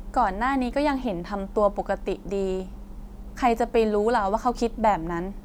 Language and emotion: Thai, neutral